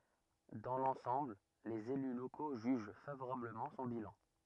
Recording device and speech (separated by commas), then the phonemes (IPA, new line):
rigid in-ear microphone, read sentence
dɑ̃ lɑ̃sɑ̃bl lez ely loko ʒyʒ favoʁabləmɑ̃ sɔ̃ bilɑ̃